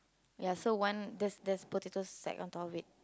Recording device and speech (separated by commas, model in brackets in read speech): close-talking microphone, conversation in the same room